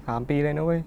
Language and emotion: Thai, sad